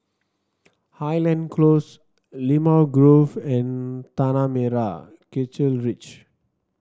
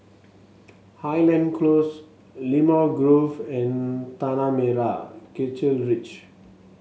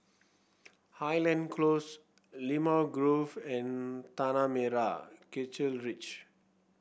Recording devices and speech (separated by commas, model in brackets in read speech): standing microphone (AKG C214), mobile phone (Samsung S8), boundary microphone (BM630), read sentence